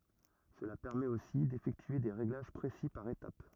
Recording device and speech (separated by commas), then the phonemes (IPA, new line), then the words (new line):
rigid in-ear microphone, read sentence
səla pɛʁmɛt osi defɛktye de ʁeɡlaʒ pʁesi paʁ etap
Cela permet aussi d'effectuer des réglages précis par étape.